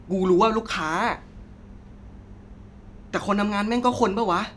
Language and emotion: Thai, frustrated